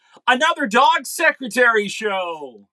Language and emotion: English, surprised